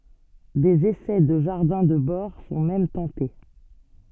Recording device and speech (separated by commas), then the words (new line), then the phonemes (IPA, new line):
soft in-ear microphone, read sentence
Des essais de jardins de bord sont même tentés.
dez esɛ də ʒaʁdɛ̃ də bɔʁ sɔ̃ mɛm tɑ̃te